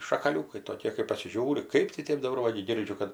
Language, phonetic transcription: Lithuanian, šakaˈliūkai toˈkė kai pasiˈžiūri ˈkaip tai ˈtėp daˈbar ˈva gi ˈgirdžiu kad

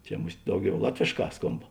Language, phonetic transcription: Lithuanian, ˈčia ˈmus't' ˈdauˌgiau ˈlatvėšˌkā ˈskomb

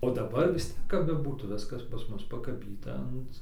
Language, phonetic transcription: Lithuanian, o daˈbar vis ˈtiek kap beˈbūtų ˈviskas pas ˈmus pakaˈbyta ˈant

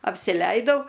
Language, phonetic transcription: Lithuanian, apsiˈleidau

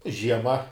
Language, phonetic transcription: Lithuanian, žieˈma

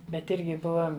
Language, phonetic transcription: Lithuanian, ˈbet ˈirgi ˈbuva

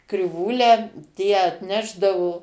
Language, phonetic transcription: Lithuanian, kriˈvūlę ˈtie atˈnešdavo

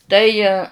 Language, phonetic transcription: Lithuanian, ˈtai

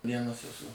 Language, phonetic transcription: Lithuanian, ˈvienas eˈsu

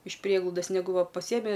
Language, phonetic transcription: Lithuanian, iš ˈprieglaudas neˈgu ˈva paˈsiemi

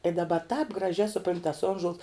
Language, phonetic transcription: Lithuanian, i daˈba tāp graˈžiā suˈpront' tas ˈonžols

